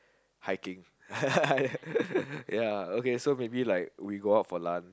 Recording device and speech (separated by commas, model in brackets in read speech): close-talking microphone, conversation in the same room